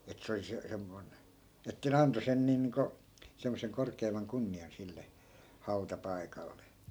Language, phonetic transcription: Finnish, et 'se oli se- , 'semmoi̮n , että ne 'anto sen 'niin̆ niiŋko , semmoseŋ 'korkeim̆maŋ "kunni₍an sille , 'hau̬ta'paikalle .
- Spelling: että se oli - semmoinen että ne antoi sen niin niin kuin semmoisen korkeimman kunnian sille hautapaikalle

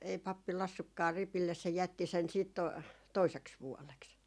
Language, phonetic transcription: Finnish, e- , ei 'pappi 'lassukkaa 'ripilles se jätti sen siit 'to- , "toiseks 'vuoleks .
- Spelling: - ei pappi laskenutkaan ripille se jätti sen sitten - toiseksi vuodeksi

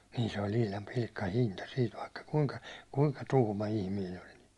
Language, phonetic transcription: Finnish, niin se oĺ 'ihlam 'pilkka'hinta siit vaikka 'kuŋka , 'kuŋka 'tuhma 'ihmiin ‿ol ni .
- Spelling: niin se oli ihan pilkkahinta siitä vaikka kuinka kuinka tuhma ihminen oli niin

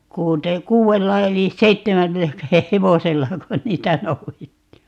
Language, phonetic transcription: Finnish, 'kuute- , 'kuu₍ella 'elis "seittemällä(köhäh) "hevosellako 'niitä "nou₍ettii .
- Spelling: - kuudella eli seitsemälläköhän hevosellako niitä noudettiin

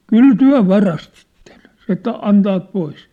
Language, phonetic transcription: Finnish, » "kyl "tyä̭ 'varastittᴇɴ « , se että » "antaat 'pois ! «
- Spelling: kyllä te varastitte se että antavat pois

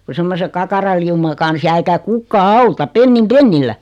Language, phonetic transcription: Finnish, ku 'semmose 'kakaraliuma kans jää eikä 'kukkaa "auta "pennim "pennillä .
- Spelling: kun semmoisen kakaralauman kanssa jää eikä kukaan auta pennin pennillä

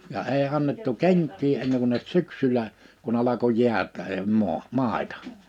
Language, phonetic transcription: Finnish, ja 'ee annettu "keŋk̆kii enneŋ kun(nət) "syksylä , kun ‿alako 'jiät(eem) 'moa , 'màitᴀ .
- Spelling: ja ei annettu kenkiä ennen kuin syksyllä kun alkoi jäätää maa maita

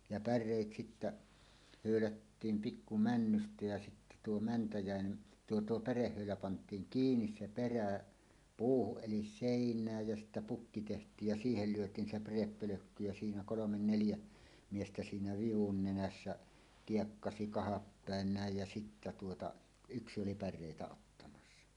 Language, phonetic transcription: Finnish, ja "pär̆rèit 'sittä , 'hö̀ylättiim "pikku 'männystä jä sittä tuo mäntäjä̀ene , "tuo "tuo 'pärehhö̀ylä pant̀iiŋ "kiinis "se "perä̀ , 'puuhuˀ ˀelis 'sèiǹääj jä sịttä 'pukki teht̀iij ja "siihel 'lyöt̀iin se 'päreppölökky jä siinä "kolomen 'neljä , miestä siinä 'vivun nenässä , 'kiekkasi kahappä̀en 'nä̀ej jä sittä tuota , "yksi 'oli 'pär̆rèitä ottamassa .
- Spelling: ja päreitä sitten höylättiin pikku männystä ja sitten tuo mänty tuo tuo pärehöylä pantiin kiinni se perä puuhun eli seinään ja siitä pukki tehtiin ja siihen lyötiin se pärepölkky ja siinä kolme neljä miestä siinä vivun nenässä kiekkasi kahdapäin näin ja sitten tuota yksi oli päreitä ottamassa

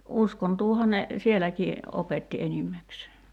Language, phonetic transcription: Finnish, "uskontuuha ne , "sieläkii , 'opetti 'enimmäksee .
- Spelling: uskontoahan ne sielläkin opetti enimmäkseen

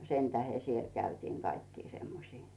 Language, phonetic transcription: Finnish, 'sentähe siel käytiiŋ Gaikkii semmosii .
- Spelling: sen tähden siellä käytiin kaikkia semmoisia

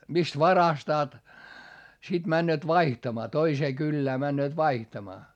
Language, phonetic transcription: Finnish, mist varastaat , sit männööt vaihtamaa toisee kyllää männööt vaihtamaa .
- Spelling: mistä varastavat sitten menevät vaihtamaan toiseen kylään menevät vaihtamaan

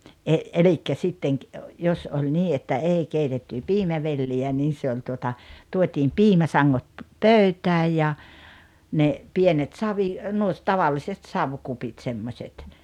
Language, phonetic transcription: Finnish, ’e , 'elikkä 'sitteŋ ki- , 'jos oĺ 'nii että 'èi 'keitetty "piimävelli₍ä 'nii se oĺ tuota , 'tuot́iim "piimäsaŋŋot , "pö̀ytääj ja , ne , 'pienet 'savi- , nuo , 'tavalliset "savkupit 'semmośet .
- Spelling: - eli sitten - jos oli niin että ei keitetty piimävelliä niin se oli tuota tuotiin piimäsangot pöytään ja ne pienet - nuo tavalliset savikupit semmoiset

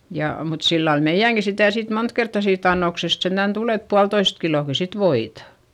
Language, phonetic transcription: Finnish, ja , mut sillal meiʲäŋki sitä̀ sit mont kertta siit ‿annoksest sentän tul ‿et pualtoist kilòki sit voita .
- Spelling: ja mutta sillä lailla meidänkin sitä sitten monta kertaa siitä annoksesta sentään tuli että puolitoista kiloakin sitten voita

